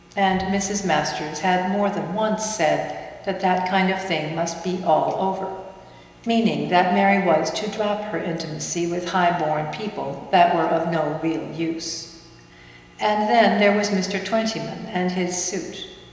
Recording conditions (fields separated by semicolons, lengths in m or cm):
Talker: one person; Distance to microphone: 1.7 m; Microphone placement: close; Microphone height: 1.0 m; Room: very reverberant, large; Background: none